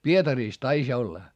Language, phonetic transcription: Finnish, Pietariis taiś ‿olla .
- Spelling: Pietarissa taisi olla

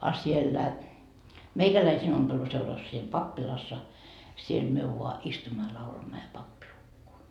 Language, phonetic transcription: Finnish, a 'siellä , "meikäläisiin ompeluseuras siim "pappilassa , siel myö vua , 'istumma ja 'laulamma ja "pappi 'lukkoo .
- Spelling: a siellä meikäläisten ompeluseurassa siinä pappilassa siellä me vain istumme ja laulamme ja pappi lukee

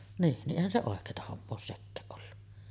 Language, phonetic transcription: Finnish, niin , niˀ 'ˀèihän se 'òek̀eeta hommoo oos 'sekkääˀ ˀollu .
- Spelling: niin niin eihän se oikeaa hommaa ole sekään ollut

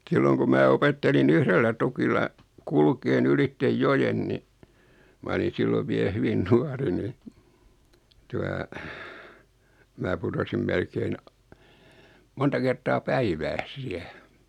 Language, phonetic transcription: Finnish, 'silloŋ ku 'mää 'opetteli"n ‿yhrellä tukilla , 'kulkee'n ‿ylitte "jojen ni , 'ma oli 'sillov 'vie "hyvin 'nuari ni , 'tua , mää putosim 'melkein a- , 'monta kert̆taa "päivääs 'siä .
- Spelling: silloin kun minä opettelin yhdellä tukilla kulkemaan ylitse joen niin minä olin silloin vielä hyvin nuori niin tuota minä putosin melkein - monta kertaa päivässä siellä

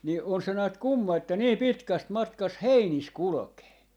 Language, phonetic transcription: Finnish, ni 'on se näät "kumma että 'nii "pitkäst 'matkast "heinis 'kulᵒkee .
- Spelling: niin on se näet kumma että niin pitkästä matkasta heinissä kulkee

